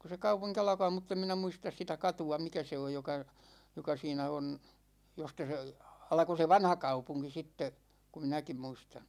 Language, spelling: Finnish, kun se kaupunki alkaa mutta en minä muista sitä katua mikä se on joka joka siinä on josta se alkoi se vanhakaupunki sitten kun minäkin muistan
- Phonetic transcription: ku se "kaupuŋki 'alᵃkaa 'mutt ‿em minä 'muistas sitä "katu₍a 'mikä se oj 'joka , 'joka siinä on , 'josta se , 'alko se "vanhakaupuŋki sitte , ku 'minäkim muistaN .

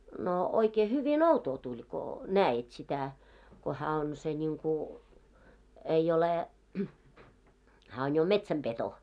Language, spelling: Finnish, no oikein hyvin outoa tuli kun näit sitä kun hän on se niin kuin ei ole hän on jo metsänpeto oikein
- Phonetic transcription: no , oikee 'hyvi"n ‿outoo tuĺ ko , "nää₍it sitä , ko hää on se 'ńiŋku , ei ole , hää on jo "metsäm'peto , oikee .

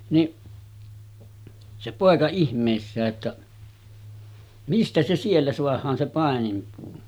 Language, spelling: Finnish, niin se poika ihmeissään että mistä se siellä saadaan se paininpuu
- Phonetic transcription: niˀ , se 'pòeka 'ihm̀èissää ‿ttä , » 'mistä se 'siellä soah̆haan se 'pàenimpuu « .

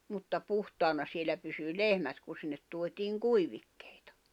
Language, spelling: Finnish, mutta puhtaana siellä pysyi lehmät kun sinne tuotiin kuivikkeita
- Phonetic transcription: mutta 'puhtaana sielä pysy "lehmät ku sinnet tuot́iiŋ 'kuivikkᴇ̀ɪtᴀ .

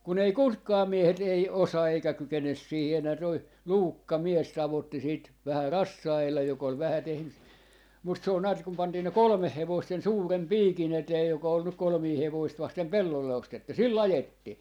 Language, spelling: Finnish, kun ei ketkään miehet ei osaa eikä kykene siihen enää tuo Luukka mies tavoitti sitä vähän rassailla joka oli vähän tehnyt mutta se on näet kun pantiin ne kolme hevosta sen suuren piikin eteen joka oli nyt kolmea hevosta vasten pellolle ostettu sillä ajettiin
- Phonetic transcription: kun ‿ei "kutkaa 'miehet 'ei "osaa 'eikä 'kykenes 'siihi enä toi , "Luukka 'mies 'tavotti siit , 'vähä "rassa₍ellaj jok ‿ol vähä tehny , mut se on näät kum 'pantii ne "kolᵒmeh 'hevoist sen 'suurem "piikin ‿etee joka ol nyk 'kolmii 'hevoist 'vastem "pellolle 'ostettu "sil"l ‿ajettii .

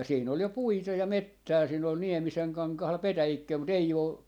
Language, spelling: Finnish, ja siinä oli ja puita ja metsää siinä oli Niemisen kankaalla petäjikköä mutta ei ole
- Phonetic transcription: ja 'siin ‿ol ja "puita ja "mettää siin ‿ol "Niemiseŋ 'kaŋkahal "petäjikköö mu't ‿ei 'oo ,.

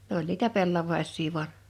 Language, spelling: Finnish, ne oli niitä pellavaisia vain
- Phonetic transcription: 'nᵉ ‿oĺ niitä 'pellavais̆sii 'vu̬an .

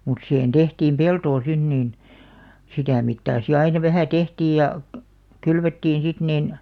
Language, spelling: Finnish, mutta siihen tehtiin peltoa sinne niin sitä mittaa sitten aina vähän tehtiin ja kylvettiin sitten niin
- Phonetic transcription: mut sihen 'tehtiim "peltoo 'sin niin , 'sitä mittaa si 'aina vähä̀ "tehtiij ja , "kylvettiin̬ 'sit 'nin ,.

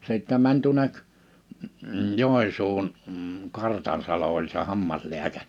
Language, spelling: Finnish, sitten meni tuonne Joensuuhun Kartansalo oli se hammaslääkäri
- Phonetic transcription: 'sittä 'mäń tuᵒnek , 'Jòi̬nsuuhun , 'Kartansalo oĺ se 'hammasliäkä(ŕ) .

